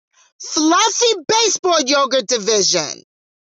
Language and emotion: English, angry